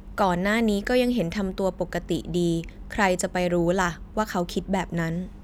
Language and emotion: Thai, neutral